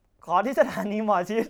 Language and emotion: Thai, happy